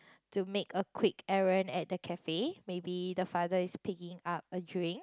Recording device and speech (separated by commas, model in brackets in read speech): close-talking microphone, conversation in the same room